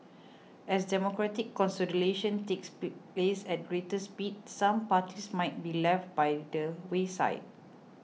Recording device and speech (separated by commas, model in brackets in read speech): mobile phone (iPhone 6), read sentence